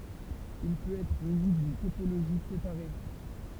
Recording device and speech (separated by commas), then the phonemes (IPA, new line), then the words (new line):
temple vibration pickup, read sentence
il pøt ɛtʁ myni dyn topoloʒi sepaʁe
Il peut être muni d'une topologie séparée.